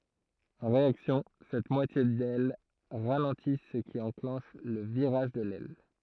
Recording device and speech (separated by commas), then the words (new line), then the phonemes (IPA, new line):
throat microphone, read sentence
En réaction cette moitié d'aile ralentit ce qui enclenche le virage de l'aile.
ɑ̃ ʁeaksjɔ̃ sɛt mwatje dɛl ʁalɑ̃ti sə ki ɑ̃klɑ̃ʃ lə viʁaʒ də lɛl